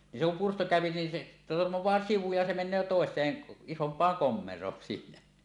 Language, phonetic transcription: Finnish, ni se kum pursto kä̀öpi nin se , "tormoẁaa "sivu ja 'se 'men̆nöö 'tòes̀een , "isomp̀aaŋ "kommer̀oon sillä .
- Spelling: niin se kun pyrstö käy niin se törmää sivu ja se menee toiseen isompaan komeroon sillä

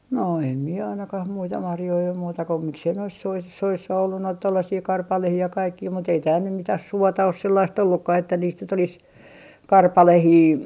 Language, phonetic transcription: Finnish, no em mie 'ainakah 'muita 'marjoi om muuta ko 'miksei nois 'sois - "soissa ollu noit 'tollasii "karpalehii ja 'kaikkii mut ‿ei tääl nym 'mitäh "suota os 'sellaist 'ollukkah että niist nyt ‿olis , "karpalehii ,.
- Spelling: no en minä ainakaan muita marjoja ole muuta kuin miksi ei noissa - soissa ollut noita tuollaisia karpaloita ja kaikkia mutta ei täällä nyt mitään suota ole sellaista ollutkaan että niistä nyt olisi karpaloita

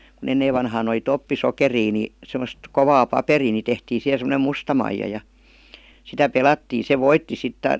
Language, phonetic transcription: Finnish, ku'n ‿enneev vanhaan ‿oli "toppisokerii ni , 'semost , 'kovaa "paperii ni tehtii 'sihe sem°nem "musta maija ja , 'sitä "pelattii 'se "voitti sit ta- ,.
- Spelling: kun ennen vanhaan oli toppisokeria niin semmoista kovaa paperia niin tehtiin siihen semmoinen musta maija ja sitä pelattiin se voitti sitten -

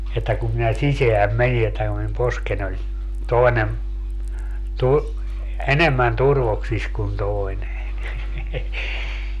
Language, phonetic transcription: Finnish, että kum minä "siseäm 'meni että ku min 'posken ‿oĺ , 'toenem , tur- , "enemmän 'turvoksis kun 'toi̮ne .
- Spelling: että kun minä sisään menin että kun minun poskeni oli toinen - enemmän turvoksissa kuin toinen

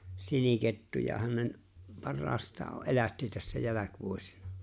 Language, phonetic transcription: Finnish, 'sinikettujahan nen , 'parraastaa ‿o ‿' ’elätti tässä 'jäläkvuosina .
- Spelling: sinikettujahan ne parhaastaan on - elätti tässä jälkivuosina

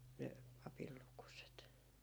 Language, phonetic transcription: Finnish, 'ne , 'papil lukuset .
- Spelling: ne papin lukuset

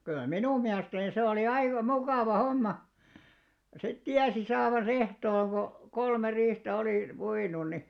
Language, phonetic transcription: Finnish, kyl̆lä "minum 'miälᵉstäni se olì 'aika "mukàva 'homma , sit 'tiäsi saavan's ‿ehtooŋ ko , 'kolme 'riihtä olì 'puinun̆ ni ,.
- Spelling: kyllä minun mielestäni se oli aika mukava homma sitten tiesi saavansa ehtoon kun kolme riihtä oli puinut niin

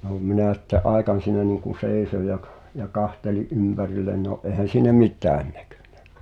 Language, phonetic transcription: Finnish, (no) 'minä̀ sⁱtte’ "’àekan siinä niiŋku 'sèi̬soj ja k- , ja 'kahteli’ "’ympärillen no’ ’eehän̬ siinä "mit̳̀ään näkyɴɴᴀ̈ .
- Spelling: no minä sitten aikani siinä niin kuin seisoin ja - ja katselin ympärilleni no eihän siinä mitään näkynyt

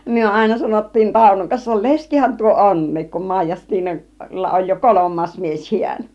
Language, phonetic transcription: Finnish, 'myö 'àina sanottiin 'Tàunoŋ 'kansa 'leskihän tuo "ońniik kum 'Màij̆jastiina- -lla oj jo "kolom̆maas 'mies 'hiän .
- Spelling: me aina sanottiin Taunon kanssa leskihän tuo onkin kun - Maijastiinalla on jo kolmas mies hän

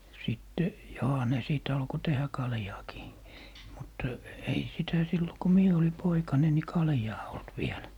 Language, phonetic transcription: Finnish, 'sitte , 'joha ne 'sìt alko 'tehä "kaljaakii , mut , ei 'sitä 'sillo ko "mie oli 'poikane ni 'kaljaa olt 'viel .
- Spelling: sitten johan ne sitten alkoi tehdä kaljaakin mutta ei sitä silloin kun minä oli poikanen niin kaljaa ollut vielä

